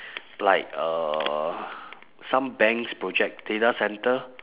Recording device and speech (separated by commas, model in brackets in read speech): telephone, conversation in separate rooms